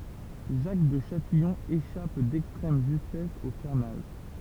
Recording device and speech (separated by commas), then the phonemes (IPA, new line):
temple vibration pickup, read sentence
ʒak də ʃatijɔ̃ eʃap dɛkstʁɛm ʒystɛs o kaʁnaʒ